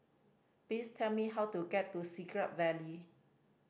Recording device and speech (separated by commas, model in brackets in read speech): boundary microphone (BM630), read sentence